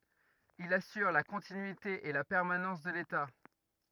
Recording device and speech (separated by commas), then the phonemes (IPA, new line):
rigid in-ear microphone, read sentence
il asyʁ la kɔ̃tinyite e la pɛʁmanɑ̃s də leta